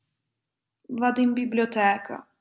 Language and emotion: Italian, sad